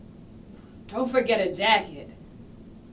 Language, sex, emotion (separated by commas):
English, female, neutral